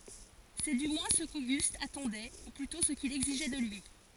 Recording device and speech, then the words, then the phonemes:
forehead accelerometer, read sentence
C’est du moins ce qu’Auguste attendait, ou plutôt ce qu’il exigeait de lui.
sɛ dy mwɛ̃ sə koɡyst atɑ̃dɛ u plytɔ̃ sə kil ɛɡziʒɛ də lyi

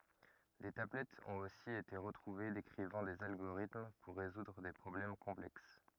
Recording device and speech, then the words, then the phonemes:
rigid in-ear microphone, read sentence
Des tablettes ont aussi été retrouvées décrivant des algorithmes pour résoudre des problèmes complexes.
de tablɛtz ɔ̃t osi ete ʁətʁuve dekʁivɑ̃ dez alɡoʁitm puʁ ʁezudʁ de pʁɔblɛm kɔ̃plɛks

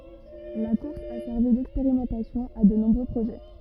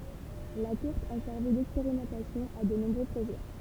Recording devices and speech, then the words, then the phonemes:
rigid in-ear microphone, temple vibration pickup, read sentence
La course a servi d'expérimentation à de nombreux projets.
la kuʁs a sɛʁvi dɛkspeʁimɑ̃tasjɔ̃ a də nɔ̃bʁø pʁoʒɛ

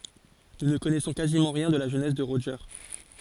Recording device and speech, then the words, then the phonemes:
forehead accelerometer, read sentence
Nous ne connaissons quasiment rien de la jeunesse de Roger.
nu nə kɔnɛsɔ̃ kazimɑ̃ ʁjɛ̃ də la ʒønɛs də ʁoʒe

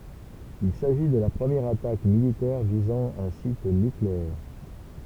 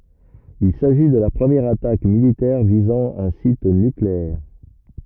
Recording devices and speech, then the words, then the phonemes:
temple vibration pickup, rigid in-ear microphone, read sentence
Il s'agit de la première attaque militaire visant un site nucléaire.
il saʒi də la pʁəmjɛʁ atak militɛʁ vizɑ̃ œ̃ sit nykleɛʁ

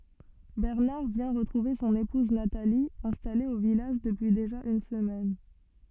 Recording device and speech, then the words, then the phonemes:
soft in-ear microphone, read sentence
Bernard vient retrouver son épouse Nathalie, installée au village depuis déjà une semaine.
bɛʁnaʁ vjɛ̃ ʁətʁuve sɔ̃n epuz natali ɛ̃stale o vilaʒ dəpyi deʒa yn səmɛn

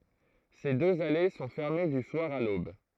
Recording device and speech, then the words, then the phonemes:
throat microphone, read sentence
Ces deux allées sont fermées du soir à l'aube.
se døz ale sɔ̃ fɛʁme dy swaʁ a lob

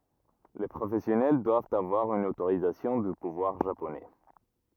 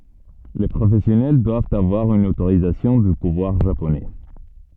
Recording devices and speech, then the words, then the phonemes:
rigid in-ear microphone, soft in-ear microphone, read sentence
Les professionnels doivent avoir une autorisation du pouvoir japonais.
le pʁofɛsjɔnɛl dwavt avwaʁ yn otoʁizasjɔ̃ dy puvwaʁ ʒaponɛ

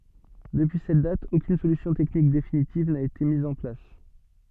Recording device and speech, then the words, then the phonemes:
soft in-ear microphone, read sentence
Depuis cette date, aucune solution technique définitive n'a été mise en place.
dəpyi sɛt dat okyn solysjɔ̃ tɛknik definitiv na ete miz ɑ̃ plas

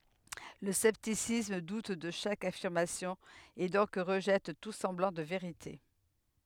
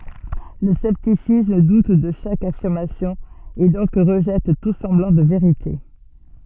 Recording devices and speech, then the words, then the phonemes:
headset microphone, soft in-ear microphone, read sentence
Le scepticisme doute de chaque affirmation, et donc rejette tout semblant de “vérité”.
lə sɛptisism dut də ʃak afiʁmasjɔ̃ e dɔ̃k ʁəʒɛt tu sɑ̃blɑ̃ də veʁite

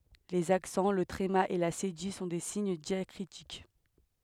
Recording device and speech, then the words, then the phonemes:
headset microphone, read sentence
Les accents, le tréma et la cédille sont des signes diacritiques.
lez aksɑ̃ lə tʁema e la sedij sɔ̃ de siɲ djakʁitik

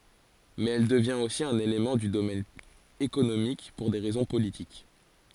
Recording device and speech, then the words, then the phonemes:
forehead accelerometer, read sentence
Mais elle devient aussi un élément du domaine économique pour des raisons politiques.
mɛz ɛl dəvjɛ̃t osi œ̃n elemɑ̃ dy domɛn ekonomik puʁ de ʁɛzɔ̃ politik

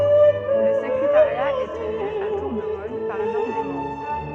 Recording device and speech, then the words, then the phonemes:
soft in-ear microphone, read sentence
Le secrétariat est tenu à tour de rôle par l'un des membres.
lə səkʁetaʁja ɛ təny a tuʁ də ʁol paʁ lœ̃ de mɑ̃bʁ

